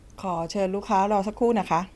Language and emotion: Thai, neutral